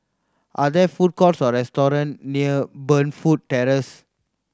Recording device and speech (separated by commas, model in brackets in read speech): standing microphone (AKG C214), read sentence